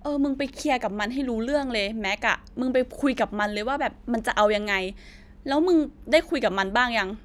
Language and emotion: Thai, frustrated